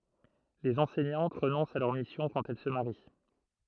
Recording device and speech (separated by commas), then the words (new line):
throat microphone, read sentence
Les enseignantes renoncent à leur mission quand elles se marient.